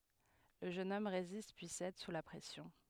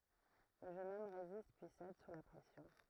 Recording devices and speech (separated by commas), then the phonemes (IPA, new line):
headset microphone, throat microphone, read sentence
lə ʒøn ɔm ʁezist pyi sɛd su la pʁɛsjɔ̃